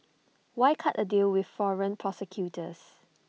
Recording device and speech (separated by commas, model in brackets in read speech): mobile phone (iPhone 6), read sentence